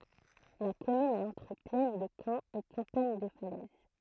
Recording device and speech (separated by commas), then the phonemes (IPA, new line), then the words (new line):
throat microphone, read sentence
la kɔmyn ɛt ɑ̃tʁ plɛn də kɑ̃ e kɑ̃paɲ də falɛz
La commune est entre plaine de Caen et campagne de Falaise.